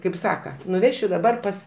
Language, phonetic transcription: Lithuanian, kaip ˈsaka nuˈvešiu daˈbar pas

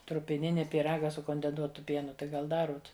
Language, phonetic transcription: Lithuanian, trupiˈnini pyˈraga su kondenˈsuotu ˈpienu tai ˈgal ˈdaruot

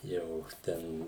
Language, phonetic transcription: Lithuanian, ˈjau ˈten

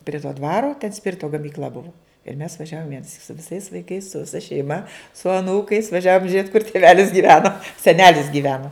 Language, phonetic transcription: Lithuanian, pri to ˈdvaro ten ˈspirito gamykˈl'a ˈbuvu ir mes vaˈžiavom vienaˈsyk su viˈsais vaiˈkais su viˈsa šeiˈma su aˈnūkais vaˈžiavom žiet kur tiˈvelis gyˈveno seˈnelis gyˈveno

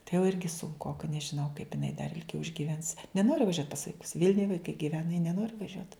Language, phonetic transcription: Lithuanian, tai jau ˈirgi sunˈkoka nežiˈnau kaip iˈnai dar ilˈgiau išgyˈvens neˈnori vaˈžiuot pas vaiˈkus ˈvylniuj vaiˈkai giˈvena ji neˈnori vaˈžiuot

